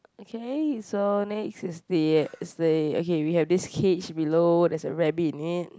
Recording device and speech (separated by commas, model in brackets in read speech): close-talking microphone, conversation in the same room